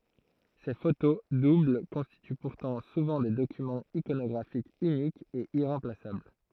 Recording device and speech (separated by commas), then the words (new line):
throat microphone, read sentence
Ces photos doubles constituent pourtant souvent des documents iconographiques uniques et irremplaçables.